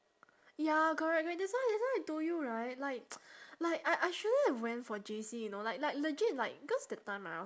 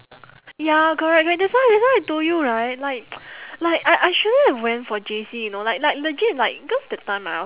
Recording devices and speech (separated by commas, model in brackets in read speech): standing microphone, telephone, conversation in separate rooms